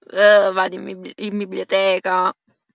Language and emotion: Italian, disgusted